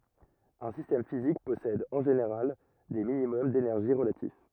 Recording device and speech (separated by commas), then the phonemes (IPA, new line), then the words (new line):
rigid in-ear microphone, read sentence
œ̃ sistɛm fizik pɔsɛd ɑ̃ ʒeneʁal de minimɔm denɛʁʒi ʁəlatif
Un système physique possède, en général, des minimums d'énergie relatifs.